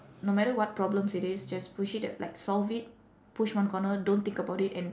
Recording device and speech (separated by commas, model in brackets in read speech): standing microphone, conversation in separate rooms